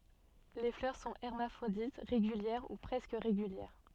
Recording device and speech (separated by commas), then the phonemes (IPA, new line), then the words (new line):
soft in-ear microphone, read sentence
le flœʁ sɔ̃ ɛʁmafʁodit ʁeɡyljɛʁ u pʁɛskə ʁeɡyljɛʁ
Les fleurs sont hermaphrodites, régulières ou presque régulières.